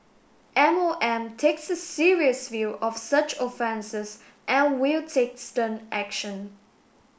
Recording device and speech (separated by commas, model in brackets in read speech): boundary microphone (BM630), read sentence